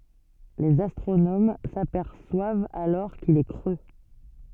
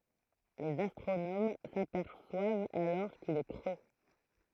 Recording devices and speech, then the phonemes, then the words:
soft in-ear microphone, throat microphone, read sentence
lez astʁonom sapɛʁswavt alɔʁ kil ɛ kʁø
Les astronomes s'aperçoivent alors qu'il est creux.

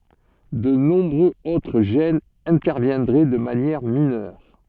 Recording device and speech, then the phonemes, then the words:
soft in-ear microphone, read sentence
də nɔ̃bʁøz otʁ ʒɛnz ɛ̃tɛʁvjɛ̃dʁɛ də manjɛʁ minœʁ
De nombreux autres gènes interviendraient de manière mineure.

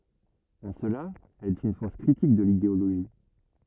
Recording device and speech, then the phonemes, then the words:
rigid in-ear microphone, read sentence
ɑ̃ səla ɛl ɛt yn fɔʁs kʁitik də lideoloʒi
En cela, elle est une force critique de l'idéologie.

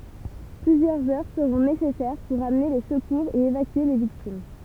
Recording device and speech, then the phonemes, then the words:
temple vibration pickup, read sentence
plyzjœʁz œʁ səʁɔ̃ nesɛsɛʁ puʁ amne le səkuʁz e evakye le viktim
Plusieurs heures seront nécessaires pour amener les secours et évacuer les victimes.

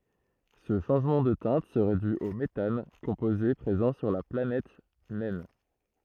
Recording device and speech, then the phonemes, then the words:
throat microphone, read sentence
sə ʃɑ̃ʒmɑ̃ də tɛ̃t səʁɛ dy o metan kɔ̃poze pʁezɑ̃ syʁ la planɛt nɛn
Ce changement de teinte serait dû au méthane, composé présent sur la planète naine.

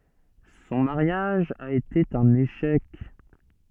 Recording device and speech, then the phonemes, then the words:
soft in-ear microphone, read sentence
sɔ̃ maʁjaʒ a ete œ̃n eʃɛk
Son mariage a été un échec.

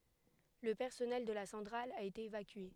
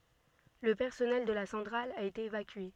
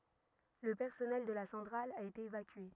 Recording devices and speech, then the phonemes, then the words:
headset microphone, soft in-ear microphone, rigid in-ear microphone, read sentence
lə pɛʁsɔnɛl də la sɑ̃tʁal a ete evakye
Le personnel de la centrale a été évacué.

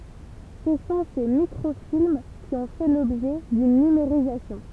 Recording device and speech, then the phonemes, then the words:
temple vibration pickup, read sentence
sə sɔ̃ se mikʁofilm ki ɔ̃ fɛ lɔbʒɛ dyn nymeʁizasjɔ̃
Ce sont ces microfilms qui ont fait l’objet d’une numérisation.

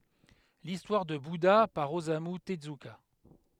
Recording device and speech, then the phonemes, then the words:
headset microphone, read sentence
listwaʁ də buda paʁ ozamy təzyka
L'histoire de Bouddha par Osamu Tezuka.

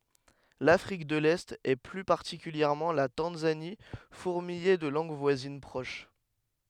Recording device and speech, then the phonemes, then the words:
headset microphone, read sentence
lafʁik də lɛt e ply paʁtikyljɛʁmɑ̃ la tɑ̃zani fuʁmijɛ də lɑ̃ɡ vwazin pʁoʃ
L'Afrique de l'Est et plus particulièrement la Tanzanie fourmillait de langues voisines proches.

